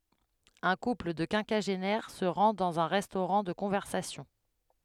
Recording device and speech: headset microphone, read sentence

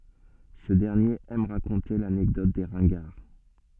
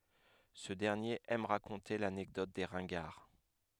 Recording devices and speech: soft in-ear microphone, headset microphone, read sentence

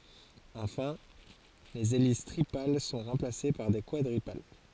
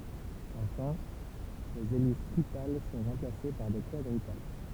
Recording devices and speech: forehead accelerometer, temple vibration pickup, read sentence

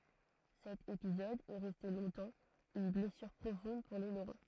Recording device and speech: throat microphone, read sentence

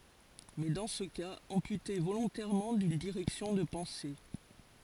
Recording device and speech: forehead accelerometer, read sentence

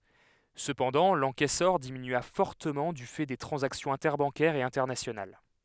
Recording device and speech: headset microphone, read sentence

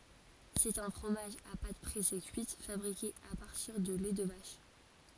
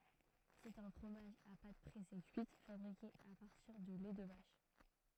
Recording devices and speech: forehead accelerometer, throat microphone, read sentence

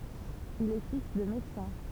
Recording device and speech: temple vibration pickup, read sentence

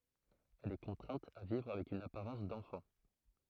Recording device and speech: throat microphone, read sentence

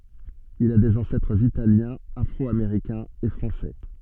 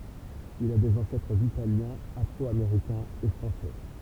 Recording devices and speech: soft in-ear microphone, temple vibration pickup, read sentence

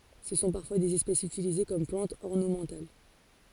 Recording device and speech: forehead accelerometer, read sentence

